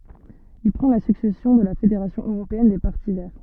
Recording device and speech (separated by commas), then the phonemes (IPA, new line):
soft in-ear microphone, read sentence
il pʁɑ̃ la syksɛsjɔ̃ də la fedeʁasjɔ̃ øʁopeɛn de paʁti vɛʁ